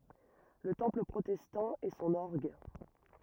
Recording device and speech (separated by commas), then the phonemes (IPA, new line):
rigid in-ear microphone, read sentence
lə tɑ̃pl pʁotɛstɑ̃ e sɔ̃n ɔʁɡ